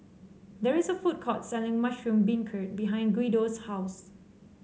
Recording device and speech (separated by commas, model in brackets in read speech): mobile phone (Samsung C7), read sentence